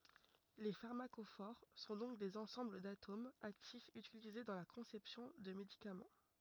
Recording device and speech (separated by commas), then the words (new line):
rigid in-ear microphone, read sentence
Les pharmacophores sont donc des ensembles d'atomes actifs utilisés dans la conception de médicaments.